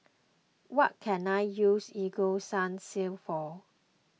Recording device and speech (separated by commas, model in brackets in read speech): mobile phone (iPhone 6), read sentence